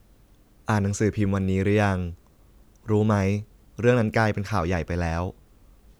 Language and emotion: Thai, neutral